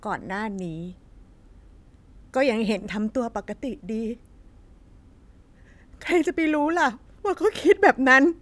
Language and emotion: Thai, sad